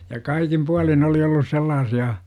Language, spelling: Finnish, ja kaikin puolin oli ollut sellaisia
- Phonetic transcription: ja "kaikim 'pualin oli ollus 'sellaasi₍a .

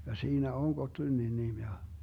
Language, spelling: Finnish, ja siinä on Gottlundin nimi ja
- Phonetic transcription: ja 'siinä "on 'Gotlynnin 'nim ja .

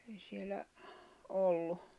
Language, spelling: Finnish, ei siellä ollut
- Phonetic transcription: ei sielä , 'ollu .

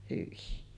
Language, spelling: Finnish, hyi
- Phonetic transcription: hyi .

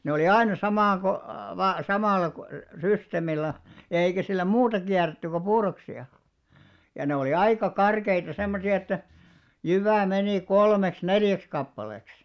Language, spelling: Finnish, ne oli aina - - samalla systeemillä eikä sillä muuta kierretty kuin puuroksia ja ne oli aika karkeita semmoisia että jyvä meni kolmeksi neljäksi kappaleeksi
- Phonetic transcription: ne olì "aina 'samaŋɢo- , -va- 'samàl̆§la , 'systemillä , eikä sillä 'muuta kiärretty ko "puuroksi₍a , ja ne olì "aika 'karkeita 'semmosi₍a että , 'jyvä̀ 'menì "kolmeks "neljäks kappaleks .

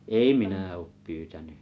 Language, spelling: Finnish, ei minä ole pyytänyt
- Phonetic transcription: ei 'minä oop 'pyytäny .

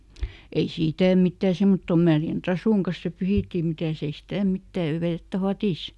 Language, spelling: Finnish, ei sitä mitään semmottoon märän trasun kanssa se pyyhittiin mitäs ei sitä mitään ja vettä vadissa
- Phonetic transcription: ei "sìtä̀ ˈmittä̀ ˈsemmottom ˈmärjän "trasùŋ kas se ˈpyhìttì ˈmitä̀s ‿ei "stä̀ ˈmittä , ja ˈvettä "fatìs .

